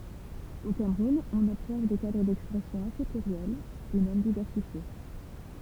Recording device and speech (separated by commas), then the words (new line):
temple vibration pickup, read sentence
Au Cameroun, on observe des cadres d'expression assez pluriels et même diversifiés.